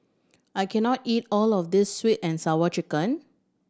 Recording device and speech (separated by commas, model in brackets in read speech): standing microphone (AKG C214), read sentence